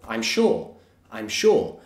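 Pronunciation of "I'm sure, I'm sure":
In 'sure', the vowel is the or sound, so it sounds like 'shor'.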